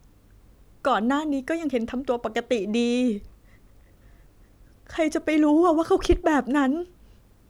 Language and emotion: Thai, sad